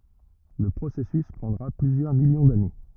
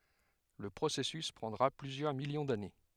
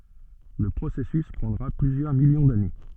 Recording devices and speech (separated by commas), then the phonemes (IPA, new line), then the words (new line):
rigid in-ear microphone, headset microphone, soft in-ear microphone, read sentence
lə pʁosɛsys pʁɑ̃dʁa plyzjœʁ miljɔ̃ dane
Le processus prendra plusieurs millions d'années.